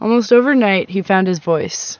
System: none